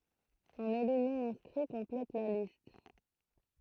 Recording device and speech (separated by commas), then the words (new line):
throat microphone, read sentence
Un élu non-inscrit complète la liste.